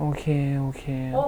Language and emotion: Thai, sad